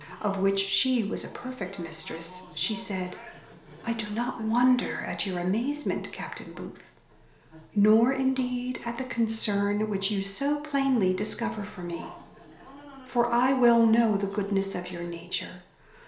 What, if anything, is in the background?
A television.